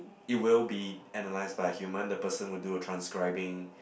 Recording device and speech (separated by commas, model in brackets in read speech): boundary microphone, conversation in the same room